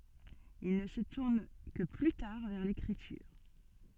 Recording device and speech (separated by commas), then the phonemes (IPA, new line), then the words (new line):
soft in-ear microphone, read sentence
il nə sə tuʁn kə ply taʁ vɛʁ lekʁityʁ
Il ne se tourne que plus tard vers l'écriture.